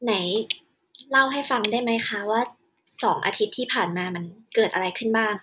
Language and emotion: Thai, neutral